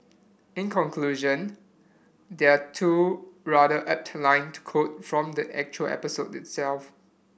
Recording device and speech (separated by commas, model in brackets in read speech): boundary microphone (BM630), read sentence